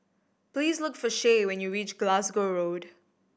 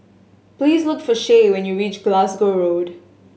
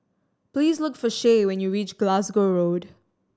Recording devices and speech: boundary microphone (BM630), mobile phone (Samsung S8), standing microphone (AKG C214), read sentence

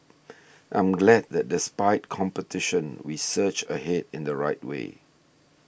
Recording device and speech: boundary microphone (BM630), read sentence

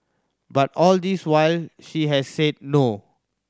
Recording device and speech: standing microphone (AKG C214), read sentence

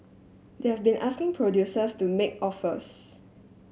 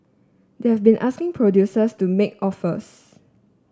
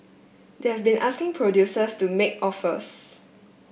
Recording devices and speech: mobile phone (Samsung S8), standing microphone (AKG C214), boundary microphone (BM630), read sentence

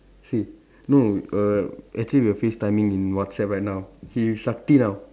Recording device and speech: standing microphone, conversation in separate rooms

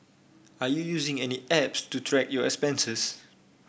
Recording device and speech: boundary microphone (BM630), read sentence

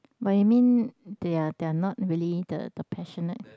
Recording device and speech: close-talking microphone, conversation in the same room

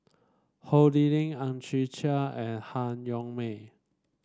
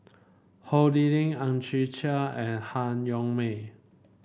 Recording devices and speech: standing microphone (AKG C214), boundary microphone (BM630), read sentence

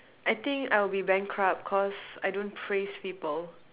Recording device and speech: telephone, conversation in separate rooms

